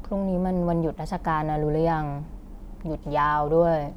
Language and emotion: Thai, frustrated